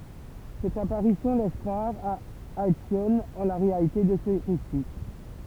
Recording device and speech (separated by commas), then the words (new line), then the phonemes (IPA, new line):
temple vibration pickup, read sentence
Cette apparition laisse croire à Alcyone en la réalité de ce récit.
sɛt apaʁisjɔ̃ lɛs kʁwaʁ a alsjɔn ɑ̃ la ʁealite də sə ʁesi